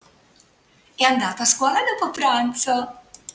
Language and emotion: Italian, happy